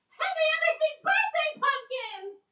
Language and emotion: English, surprised